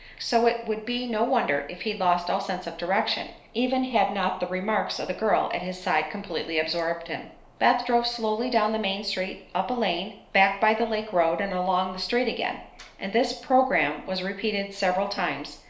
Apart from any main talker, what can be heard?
Nothing.